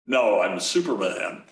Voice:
deep voice